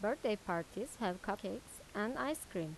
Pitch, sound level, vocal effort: 205 Hz, 83 dB SPL, normal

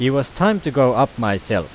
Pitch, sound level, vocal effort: 130 Hz, 91 dB SPL, loud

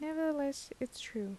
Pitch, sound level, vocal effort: 275 Hz, 76 dB SPL, soft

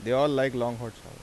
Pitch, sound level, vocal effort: 125 Hz, 89 dB SPL, normal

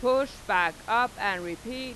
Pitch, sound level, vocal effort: 245 Hz, 96 dB SPL, very loud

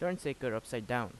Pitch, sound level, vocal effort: 125 Hz, 85 dB SPL, normal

